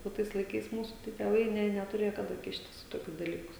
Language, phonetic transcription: Lithuanian, o ˈtais laiˈkais ˈmūsų tai tėˈvai ˈne netuˈrėjo kaˈda ˈkištis į toˈkius daˈlykus

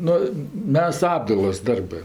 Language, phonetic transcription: Lithuanian, ˈnu ˈmes ˈapdailos ˈdarbɜ

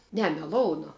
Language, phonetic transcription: Lithuanian, ˈne meˈlounu

